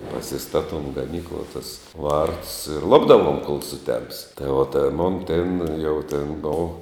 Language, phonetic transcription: Lithuanian, pasiˈstatom gaˈnykluo tus ˈvartus ir ˈlupdavuom kol suˈtems tai o ˈten ˈmon ˈten jau ten ˈbov

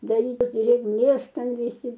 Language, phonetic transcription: Lithuanian, daˈryt drėgˈmės ˈten viˈsi

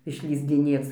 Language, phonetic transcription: Lithuanian, išlįsdiˈnėc

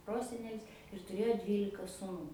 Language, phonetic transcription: Lithuanian, ˈprosenelis ir tuˈrėjo ˈdvylika suˈnų

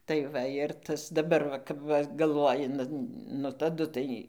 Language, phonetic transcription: Lithuanian, tai ˈva ir ˈtas daˈbar va kap ˈva galˈvoji nu taˈdu tai

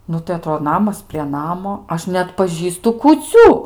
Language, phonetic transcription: Lithuanian, ˈnu tai aˈtrodo ˈnamas prie ˈnamo ˈaš neatpaˈžįstu kūˈcių

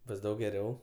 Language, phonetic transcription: Lithuanian, ˈbus ˈdaug geˈriau

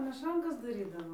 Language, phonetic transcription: Lithuanian, meˈšankas daˈrydavo

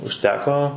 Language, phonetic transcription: Lithuanian, užˈteko

